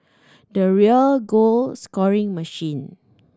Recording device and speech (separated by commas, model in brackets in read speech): standing microphone (AKG C214), read sentence